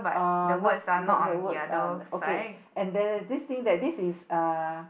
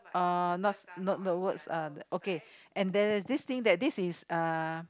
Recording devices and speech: boundary microphone, close-talking microphone, conversation in the same room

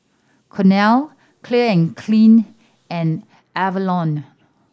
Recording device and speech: standing microphone (AKG C214), read sentence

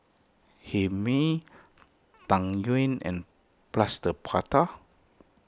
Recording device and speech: close-talking microphone (WH20), read sentence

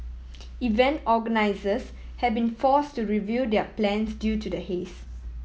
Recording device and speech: mobile phone (iPhone 7), read sentence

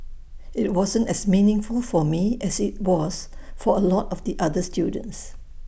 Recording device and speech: boundary microphone (BM630), read sentence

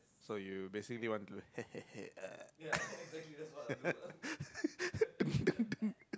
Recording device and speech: close-talking microphone, conversation in the same room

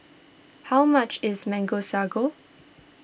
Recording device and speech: boundary microphone (BM630), read sentence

